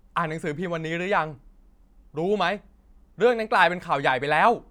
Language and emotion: Thai, angry